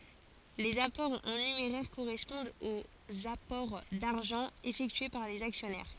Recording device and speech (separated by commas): forehead accelerometer, read sentence